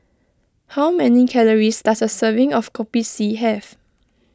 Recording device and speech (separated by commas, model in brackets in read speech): close-talking microphone (WH20), read sentence